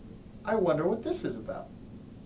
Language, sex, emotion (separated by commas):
English, male, happy